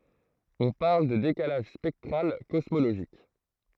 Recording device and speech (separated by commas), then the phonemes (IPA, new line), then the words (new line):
throat microphone, read sentence
ɔ̃ paʁl də dekalaʒ spɛktʁal kɔsmoloʒik
On parle de décalage spectral cosmologique.